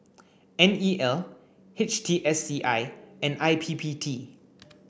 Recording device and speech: boundary microphone (BM630), read sentence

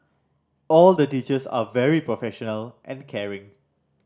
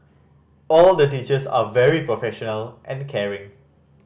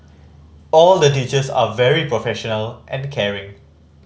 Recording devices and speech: standing microphone (AKG C214), boundary microphone (BM630), mobile phone (Samsung C5010), read sentence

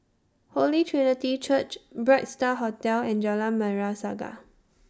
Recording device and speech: standing microphone (AKG C214), read sentence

